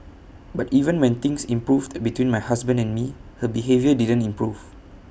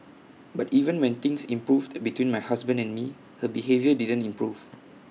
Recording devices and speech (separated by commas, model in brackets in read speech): boundary microphone (BM630), mobile phone (iPhone 6), read sentence